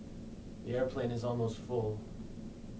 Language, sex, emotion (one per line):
English
male
sad